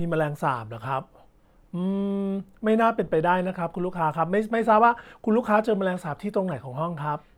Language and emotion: Thai, neutral